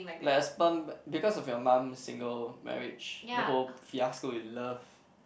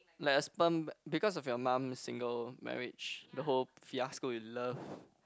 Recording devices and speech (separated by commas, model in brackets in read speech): boundary microphone, close-talking microphone, conversation in the same room